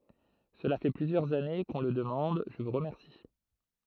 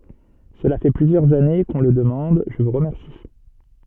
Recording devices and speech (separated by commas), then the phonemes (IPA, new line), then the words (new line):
throat microphone, soft in-ear microphone, read sentence
səla fɛ plyzjœʁz ane kə ɔ̃ lə dəmɑ̃d ʒə vu ʁəmɛʁsi
Cela fait plusieurs années que on le demande, je vous remercie.